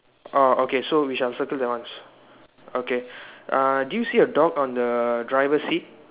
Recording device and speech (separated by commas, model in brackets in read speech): telephone, conversation in separate rooms